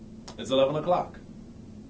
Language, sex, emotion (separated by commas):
English, male, neutral